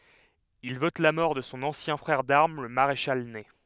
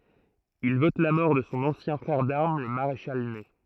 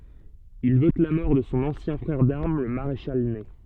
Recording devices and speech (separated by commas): headset microphone, throat microphone, soft in-ear microphone, read sentence